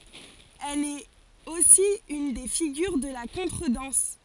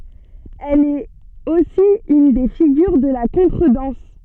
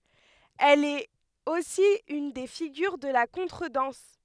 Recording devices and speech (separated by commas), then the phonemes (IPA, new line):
forehead accelerometer, soft in-ear microphone, headset microphone, read sentence
ɛl ɛt osi yn de fiɡyʁ də la kɔ̃tʁədɑ̃s